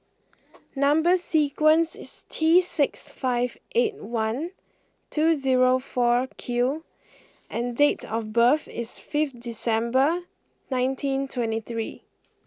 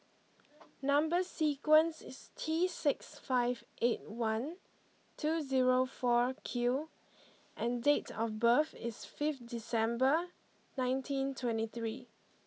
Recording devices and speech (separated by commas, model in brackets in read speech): close-talking microphone (WH20), mobile phone (iPhone 6), read sentence